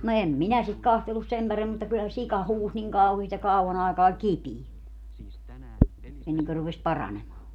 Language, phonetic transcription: Finnish, no 'em "minä sit 'kahtelus 'sem parem(mim) mutta kylä se 'sika 'huus niŋ 'kauhiist ja 'kau₍an ‿aikaa oĺ "kipii , 'enneŋkö rupes 'paranemaa .
- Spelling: no en minä sitä katsellut sen paremmin mutta kyllä se sika huusi niin kauheasti ja kauan aikaa oli kipeä ennen kuin rupesi paranemaan

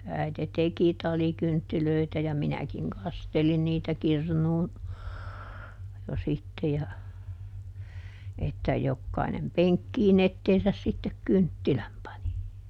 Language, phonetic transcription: Finnish, ˈäite "teki ˈtalikynttilöitä ja ˈminäkiŋ ˈkastelin niitä ˈkirnuun , jo ˈsitte ja , että ˈjokkainem "peŋkkiiˈn ‿etteesäs sittek "kynttiläm pani .
- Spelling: äiti teki talikynttilöitä ja minäkin kastelin niitä kirnuun jo sitten ja että jokainen penkkiin eteensä sitten kynttilän pani

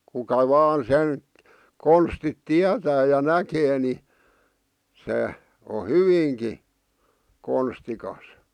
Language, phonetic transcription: Finnish, 'kuka "vaan sen , 'konstit "tiätää ja "näkee ni , 'se , o "hyviiŋki , 'konstikas .
- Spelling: kuka vain sen konstit tietää ja näkee niin se on hyvinkin konstikas

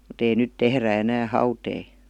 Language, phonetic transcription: Finnish, mut ‿ei "nyt 'tehrä enää "hautei .
- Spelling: mutta ei nyt tehdä enää hauteita

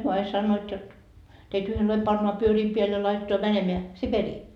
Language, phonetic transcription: Finnish, hyö 'ai "sannoot jot , teit 'yhenlai pannoa 'pyörii peäl ja laitetoa 'mänemeä , "Siperii .
- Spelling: he aina sanovat jotta teitä yhden lailla pannaan pyörien päälle ja laitetaan menemään Siperiaan

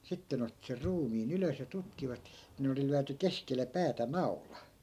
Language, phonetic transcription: Finnish, 'sitte nᵉ otti ser 'ruumii"n ‿ylös ja 'tutkivat , ni(n) oli 'lyäty "keskel̆le 'päätä "nau̬la .
- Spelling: sitten ne otti sen ruumiin ylös ja tutkivat niin oli lyöty keskelle päätä naula

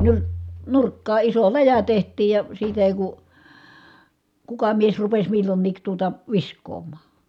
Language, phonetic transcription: Finnish, nyr- , nurkkaa iso läjä teht̆tiij ja , siitä èi ku , kuka mies rupes millonniik tuota , visk̀oom̀aa .
- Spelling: - nurkkaan iso läjä tehtiin ja siitä ei kun kuka mies rupesi milloinkin tuota viskaamaan

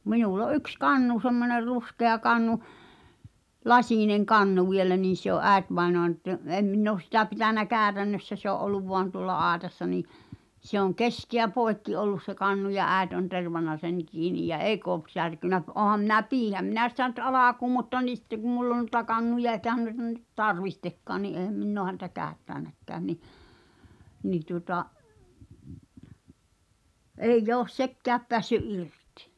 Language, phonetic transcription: Finnish, minul ‿o '’yks "kannu semmoner 'ruskea kannu , "laśìneŋ 'kannu vielä niin̬ se ‿o’ "’ä̀etvaenoan tə- , 'em 'minn ‿oos sitä pitänä "käätännössä se ‿o’ '’olluv voan tuŏlla "aaᵉtassa nii , se ‿oŋ "keskeä 'pòekki ollus se kannu ja "ä̀et on 'tervanna sen̳ 'kiiniʲ jä "eik ‿ook̳ särkunä p- , 'oham minä "piihäm minä sitä nʸt "alaku̳ mutta ni sⁱtte ɢu 'mull ‿on nu[i]ta 'kannuja eĭkähän nuita nyt "tarvihtekkaa ni ’èhäm 'minn ‿oo häntä "käättä̳ä̳näkkään ni , nii tuŏta’ , "èi̬"j ‿oos "sekke̳ä̳p peässy’ '’irtɪ .
- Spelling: minulla on yksi kannu semmoinen ruskea kannu lasinen kannu vielä niin se on äitivainajan - en minä ole sitä pitänyt käytännössä se on ollut vain tuolla aitassa niin se on keskeä poikki ollut se kannu ja äiti on tervannut sen kiinni ja eikä ole särkynyt - olenhan minä pidinhän minä sitä nyt alkuun mutta niin sitten kun minulla on noita kannuja eikä noita nyt tarvitsekaan niin enhän minä ole häntä käyttänytkään niin niin tuota ei ole sekään päässyt irti

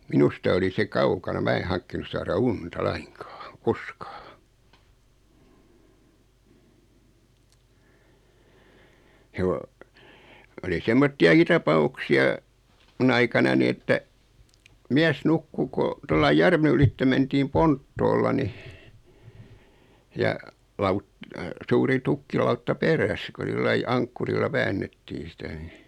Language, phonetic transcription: Finnish, 'minusta oli se "kaukana 'mä e 'haŋkkinus saara "unta "laiŋkaaŋ "koskᴀᴀ.joo , oli "semmotti₍aki 'tapa₍uksi₍a , 'mun ‿aikanani että , 'miäs 'nukku ko , 'tollai "järven ‿ylitte 'mentiim "ponttoolla ni , ja , 'laut- , 'suuri 'tukkilautta "peräs ku 'sillai 'aŋkkurilla 'väännettiin̬ sitä ni ,.
- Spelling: minusta oli se kaukana minä en hankkinut saada unta lainkaan koskaan oli semmoisiakin tapauksia minun aikanani että mies nukkui kun tuolla lailla järven ylitse mentiin ponttoolla niin ja - suuri tukkilautta perässä kun sillä lailla ankkurilla väännettiin sitä niin

